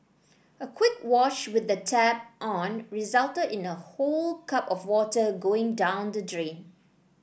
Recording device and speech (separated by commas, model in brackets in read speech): boundary microphone (BM630), read sentence